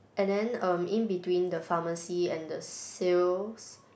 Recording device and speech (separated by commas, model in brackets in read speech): boundary microphone, conversation in the same room